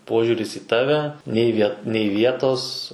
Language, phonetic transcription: Lithuanian, ˈpožiuris į ˈtave nei ˈvie nei ˈvietos

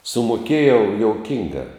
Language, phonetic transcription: Lithuanian, sumoˈkėjau jouˈkinga

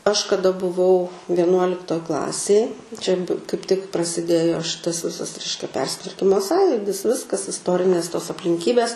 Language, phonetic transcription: Lithuanian, aš kaˈda buˈvau vieˈnuoliktoj ˈklasėj čia kaip tik prasiˈdėjo ˈšitas ˈvisas ˈreiškia ˈpersitvarkimo ˈsąjudis ˈviskas isˈtorinės tos aplinˈkybes

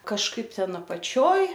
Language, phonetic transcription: Lithuanian, kažˈkaip ˈten apaˈčioj

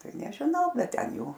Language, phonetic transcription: Lithuanian, ˈtai nežiˈnau ˈbet ˈten ˈjau

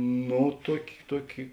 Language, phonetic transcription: Lithuanian, ˈno ˈtuoki ˈtuoki

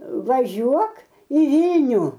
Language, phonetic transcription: Lithuanian, vaˈžiuok į ˈvylnių

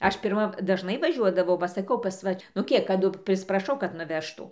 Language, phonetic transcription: Lithuanian, ˈaš pirˈma dažˈnai vaˈžiuodavau va saˈkau pas ˈva nu ˈkiek kaˈdu prisipraˈšau kad nuˈvežtų

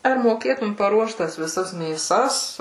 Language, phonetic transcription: Lithuanian, ar moˈkėtum paˈruošt ˈtas viˈsas mėˈsas

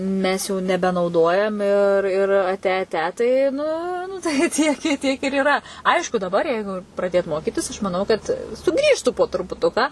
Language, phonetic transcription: Lithuanian, ˈmes jau nebenauˈdojam ir ˈir aˈte aˈte tai ˈnu nu tai ˈtiek i ˈtiek ir yˈra ˈaišku daˈbar ˈjeigu praˈdėt ˈmokitis aš maˈnau kad suˈgrįžtų po trupuˈtuką

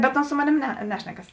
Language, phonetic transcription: Lithuanian, bet ˈons ˈso moˌnėm ne ˈnešnekas

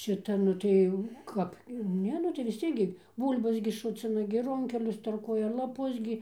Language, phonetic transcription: Lithuanian, ˈšita ˈnu tai jau ˈkap ˈne nu tai vis ˈciek gi ˈbūl'bas gi ˈšucina gi ˈrunkelius tarˈkuoja laˈpus gi

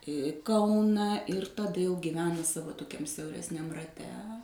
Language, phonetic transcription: Lithuanian, ˈkauna ir taˈda jau giˈvena ˈsavo toˈkiam siauresˈniam raˈte

